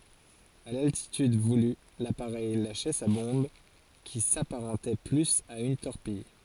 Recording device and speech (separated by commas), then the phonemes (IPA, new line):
forehead accelerometer, read sentence
a laltityd vuly lapaʁɛj laʃɛ sa bɔ̃b ki sapaʁɑ̃tɛ plyz a yn tɔʁpij